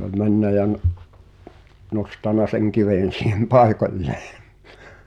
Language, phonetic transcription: Finnish, sᵉ ‿oĺ 'männä ja n- , 'nostana seŋ 'kivèn̬ siihem "pai̬koĺlᴇᴇ .
- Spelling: se oli mennyt ja - nostanut sen kiven siihen paikoilleen

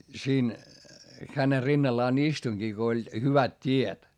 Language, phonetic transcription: Finnish, siin , χäne rinnallaan istuⁱŋGi ko oĺ , hyvät t́iet .
- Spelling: siinä hänen rinnallaan istuinkin kun oli hyvät tiet

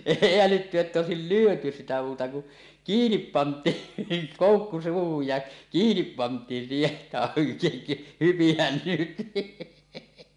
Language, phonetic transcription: Finnish, èi älytty että 'òesil "lyöty "sitä muuta ku , "kiinip 'pant̀iin , niiŋ 'kòukku 'suuhuj ja , 'kiinip 'pant̀iin siiheˀ ˀettä , "hypihän 'nyt .
- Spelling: ei älytty että olisi lyöty sitä muuta kuin kiinni pantiin niin koukku suuhun ja kiinni pantiin siihen että hypihän nyt

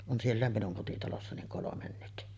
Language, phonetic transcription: Finnish, on 'siellä̀em minuŋ kotitalossa niŋ 'kolomen nyt .
- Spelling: on siellä minun kotitalossa niin kolme nyt

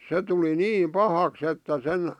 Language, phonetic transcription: Finnish, 'se tuli "niim "pahaks että 'sen ,.
- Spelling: se tuli niin pahaksi että sen

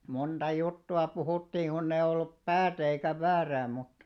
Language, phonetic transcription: Finnish, 'monᴅa 'juttu₍a 'puhùttii kunnei ollup "päätä eikä 'väärää muta ,.
- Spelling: monta juttua puhuttiin kun ei ollut päätä eikä väärää mutta

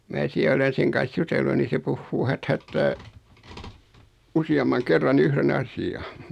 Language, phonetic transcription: Finnish, 'mää siä olen̬ 'seŋ kan̬s "jutellu ni se 'puhhuu "hät"hättää , 'usi₍ammaŋ 'kerran "yhre'n ‿asi₍a .
- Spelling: minä siellä olen sen kanssa jutellut niin se puhuu häthätää useamman kerran yhden asian

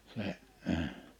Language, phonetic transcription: Finnish, se’ ə ,.
- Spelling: se ei

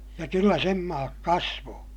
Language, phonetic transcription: Finnish, ja kyllä sem maak kasvoo !
- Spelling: ja kyllä sen maat kasvoi

